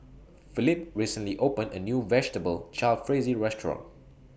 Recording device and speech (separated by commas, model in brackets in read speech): boundary microphone (BM630), read sentence